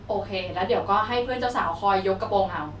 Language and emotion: Thai, neutral